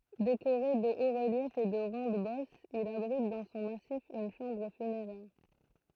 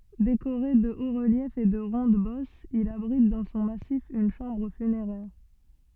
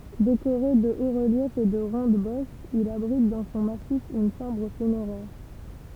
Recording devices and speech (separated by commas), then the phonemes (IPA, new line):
throat microphone, soft in-ear microphone, temple vibration pickup, read sentence
dekoʁe də otsʁəljɛfz e də ʁɔ̃dɛzbɔsz il abʁit dɑ̃ sɔ̃ masif yn ʃɑ̃bʁ fyneʁɛʁ